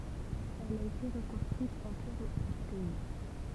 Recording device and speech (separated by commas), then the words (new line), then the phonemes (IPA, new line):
temple vibration pickup, read sentence
Elle a été reconstruite en pierres du pays.
ɛl a ete ʁəkɔ̃stʁyit ɑ̃ pjɛʁ dy pɛi